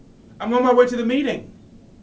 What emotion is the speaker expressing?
angry